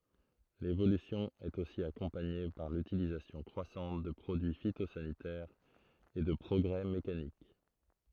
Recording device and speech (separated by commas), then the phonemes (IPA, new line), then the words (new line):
throat microphone, read sentence
levolysjɔ̃ ɛt osi akɔ̃paɲe paʁ lytilizasjɔ̃ kʁwasɑ̃t də pʁodyi fitozanitɛʁz e də pʁɔɡʁɛ mekanik
L'évolution est aussi accompagnée par l'utilisation croissante de produits phytosanitaires et de progrès mécaniques.